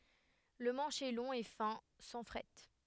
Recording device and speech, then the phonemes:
headset microphone, read sentence
lə mɑ̃ʃ ɛ lɔ̃ e fɛ̃ sɑ̃ fʁɛt

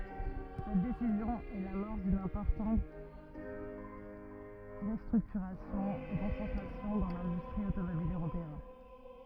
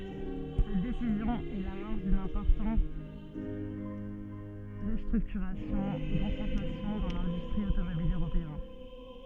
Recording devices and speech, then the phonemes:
rigid in-ear microphone, soft in-ear microphone, read sentence
sɛt desizjɔ̃ ɛ lamɔʁs dyn ɛ̃pɔʁtɑ̃t ʁəstʁyktyʁasjɔ̃ e kɔ̃sɑ̃tʁasjɔ̃ dɑ̃ lɛ̃dystʁi otomobil øʁopeɛn

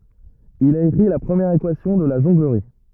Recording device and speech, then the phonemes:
rigid in-ear microphone, read sentence
il a ekʁi la pʁəmjɛʁ ekwasjɔ̃ də la ʒɔ̃ɡləʁi

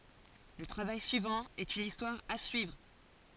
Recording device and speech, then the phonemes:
forehead accelerometer, read sentence
lə tʁavaj syivɑ̃ ɛt yn istwaʁ a syivʁ

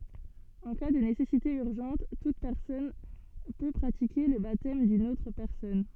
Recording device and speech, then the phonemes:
soft in-ear microphone, read sentence
ɑ̃ ka də nesɛsite yʁʒɑ̃t tut pɛʁsɔn pø pʁatike lə batɛm dyn otʁ pɛʁsɔn

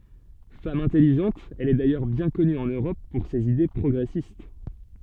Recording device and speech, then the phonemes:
soft in-ear microphone, read sentence
fam ɛ̃tɛliʒɑ̃t ɛl ɛ dajœʁ bjɛ̃ kɔny ɑ̃n øʁɔp puʁ sez ide pʁɔɡʁɛsist

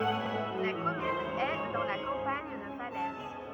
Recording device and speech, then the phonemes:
rigid in-ear microphone, read sentence
la kɔmyn ɛ dɑ̃ la kɑ̃paɲ də falɛz

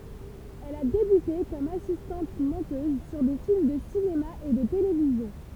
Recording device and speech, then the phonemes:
temple vibration pickup, read sentence
ɛl a debyte kɔm asistɑ̃t mɔ̃tøz syʁ de film də sinema e də televizjɔ̃

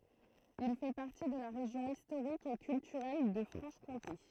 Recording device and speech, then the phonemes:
throat microphone, read sentence
il fɛ paʁti də la ʁeʒjɔ̃ istoʁik e kyltyʁɛl də fʁɑ̃ʃ kɔ̃te

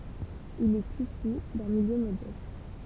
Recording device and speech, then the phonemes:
temple vibration pickup, read sentence
il ɛt isy dœ̃ miljø modɛst

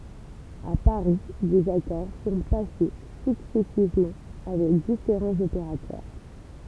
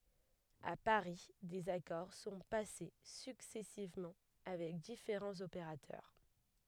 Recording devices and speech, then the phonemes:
temple vibration pickup, headset microphone, read sentence
a paʁi dez akɔʁ sɔ̃ pase syksɛsivmɑ̃ avɛk difeʁɑ̃z opeʁatœʁ

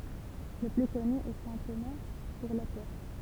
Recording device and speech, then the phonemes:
temple vibration pickup, read sentence
lə ply kɔny ɛ sɛ̃ toma puʁ lapotʁ

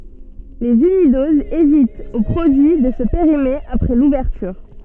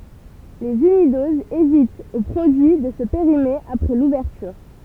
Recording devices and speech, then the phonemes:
soft in-ear microphone, temple vibration pickup, read sentence
lez ynidozz evitt o pʁodyi də sə peʁime apʁɛ luvɛʁtyʁ

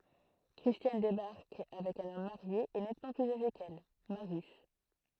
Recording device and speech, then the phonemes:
throat microphone, read sentence
kʁistjan debaʁk avɛk œ̃n ɔm maʁje e nɛtmɑ̃ plyz aʒe kɛl maʁjys

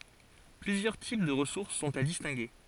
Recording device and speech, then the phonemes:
forehead accelerometer, read sentence
plyzjœʁ tip də ʁəsuʁs sɔ̃t a distɛ̃ɡe

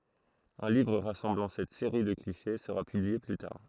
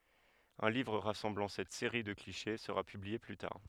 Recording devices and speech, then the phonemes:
throat microphone, headset microphone, read sentence
œ̃ livʁ ʁasɑ̃blɑ̃ sɛt seʁi də kliʃe səʁa pyblie ply taʁ

